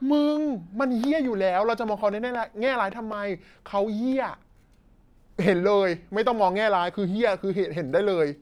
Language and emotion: Thai, frustrated